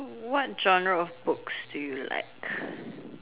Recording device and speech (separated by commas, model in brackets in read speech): telephone, conversation in separate rooms